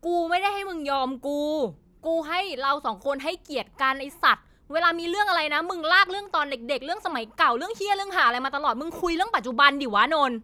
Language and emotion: Thai, angry